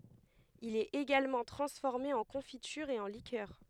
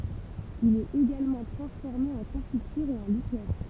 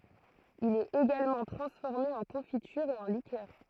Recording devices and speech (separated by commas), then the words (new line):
headset microphone, temple vibration pickup, throat microphone, read sentence
Il est également transformé en confiture et en liqueurs.